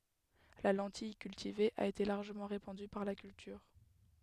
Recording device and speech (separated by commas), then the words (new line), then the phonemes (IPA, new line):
headset microphone, read sentence
La lentille cultivée a été largement répandue par la culture.
la lɑ̃tij kyltive a ete laʁʒəmɑ̃ ʁepɑ̃dy paʁ la kyltyʁ